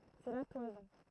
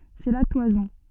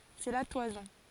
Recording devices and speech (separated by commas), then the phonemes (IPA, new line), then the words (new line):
throat microphone, soft in-ear microphone, forehead accelerometer, read sentence
sɛ la twazɔ̃
C'est la toison.